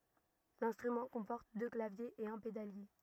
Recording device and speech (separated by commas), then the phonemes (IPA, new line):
rigid in-ear microphone, read sentence
lɛ̃stʁymɑ̃ kɔ̃pɔʁt dø klavjez e œ̃ pedalje